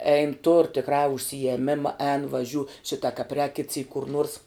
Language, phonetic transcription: Lithuanian, ein tur tikˈrā užsijeˈmima ēn vaˈžiū ˈšita kap rēk kit syk kur nuors

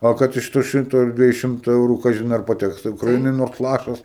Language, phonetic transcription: Lithuanian, ˈo kad iš to ˈšimto ar dvieˈjų ˈšimtuˈ eurų ˈkažin ar paˈteks tai ukraˈinai nors ˈlašas

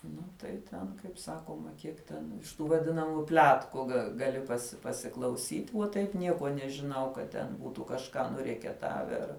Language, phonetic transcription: Lithuanian, ˈnu tai ten kaip ˈsakoma ˈkiek ten iš ˈtų vaˈdinamų ˈpletku ga gaˈli ˈpasi pasiklauˈsyt' uo ˈtaip ˈniekuo nežiˈnau ka ten ˈbūtu kažˈką nuriekeˈtave ˈar

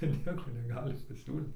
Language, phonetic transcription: Lithuanian, ir ˈnieko neˈgali paˈsiūlyt

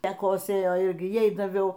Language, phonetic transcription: Lithuanian, ˈta ˈkosėjo ˈirgi ˈjai daˈviau

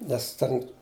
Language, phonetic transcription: Lithuanian, nes ˈten

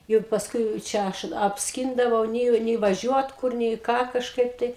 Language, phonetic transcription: Lithuanian, ˈjuk pasˈkui čia ˈaš apsˈkindavau ˈnėjo nei vaˈžiuot ˈkur nei ˈką kažˈkaip tai

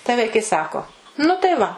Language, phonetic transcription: Lithuanian, tai ˈvaikai ˈsako nu tai ˈva

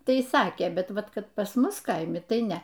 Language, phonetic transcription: Lithuanian, ˈtai ˈsakė ˈbet ˈvat ˈkad pas ˈmus ˈkaimi ˈtai ˈne

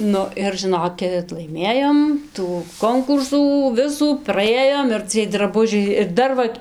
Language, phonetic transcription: Lithuanian, ˈnu ir žɨˈnokit laiˈmėjom tų ˈkonkursų ˈvisų praˈėjom ir ciej draˈbužiai ir ˈdar va

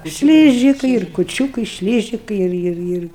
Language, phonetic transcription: Lithuanian, ˈšlyžikai ir kuˈčiūkai ˈšlyžikai ˈir ˈir ˈir

